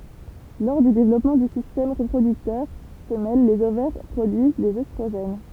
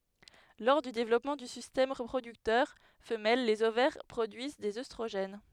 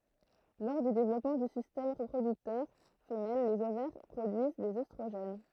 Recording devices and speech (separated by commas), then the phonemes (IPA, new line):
temple vibration pickup, headset microphone, throat microphone, read sentence
lɔʁ dy devlɔpmɑ̃ dy sistɛm ʁəpʁodyktœʁ fəmɛl lez ovɛʁ pʁodyiz dez østʁoʒɛn